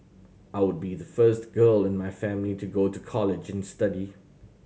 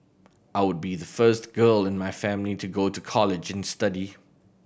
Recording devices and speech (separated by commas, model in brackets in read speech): mobile phone (Samsung C7100), boundary microphone (BM630), read sentence